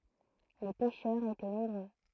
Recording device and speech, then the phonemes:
throat microphone, read sentence
le pɛʃœʁz etɛ nɔ̃bʁø

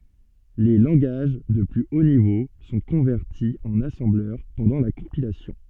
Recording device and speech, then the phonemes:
soft in-ear microphone, read sentence
le lɑ̃ɡaʒ də ply o nivo sɔ̃ kɔ̃vɛʁti ɑ̃n asɑ̃blœʁ pɑ̃dɑ̃ la kɔ̃pilasjɔ̃

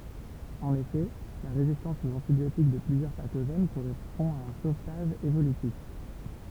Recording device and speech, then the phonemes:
temple vibration pickup, read sentence
ɑ̃n efɛ la ʁezistɑ̃s oz ɑ̃tibjotik də plyzjœʁ patoʒɛn koʁɛspɔ̃ a œ̃ sovtaʒ evolytif

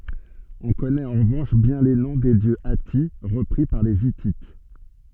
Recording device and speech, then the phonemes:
soft in-ear microphone, read sentence
ɔ̃ kɔnɛt ɑ̃ ʁəvɑ̃ʃ bjɛ̃ le nɔ̃ de djø ati ʁəpʁi paʁ le itit

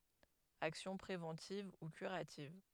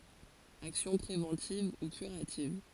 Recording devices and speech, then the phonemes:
headset microphone, forehead accelerometer, read sentence
aksjɔ̃ pʁevɑ̃tiv u kyʁativ

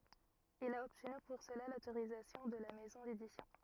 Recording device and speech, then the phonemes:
rigid in-ear microphone, read sentence
il a ɔbtny puʁ səla lotoʁizatjɔ̃ də la mɛzɔ̃ dedisjɔ̃

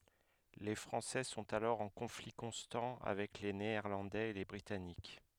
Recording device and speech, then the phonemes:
headset microphone, read sentence
le fʁɑ̃sɛ sɔ̃t alɔʁ ɑ̃ kɔ̃fli kɔ̃stɑ̃ avɛk le neɛʁlɑ̃dɛz e le bʁitanik

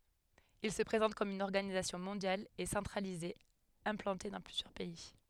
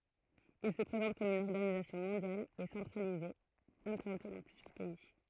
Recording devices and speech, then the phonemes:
headset microphone, throat microphone, read sentence
il sə pʁezɑ̃t kɔm yn ɔʁɡanizasjɔ̃ mɔ̃djal e sɑ̃tʁalize ɛ̃plɑ̃te dɑ̃ plyzjœʁ pɛi

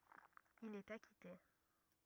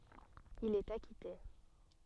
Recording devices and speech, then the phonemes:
rigid in-ear microphone, soft in-ear microphone, read sentence
il ɛt akite

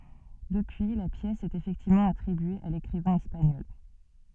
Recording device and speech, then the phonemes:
soft in-ear microphone, read sentence
dəpyi la pjɛs ɛt efɛktivmɑ̃ atʁibye a lekʁivɛ̃ ɛspaɲɔl

